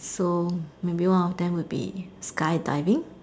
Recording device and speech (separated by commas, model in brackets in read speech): standing microphone, conversation in separate rooms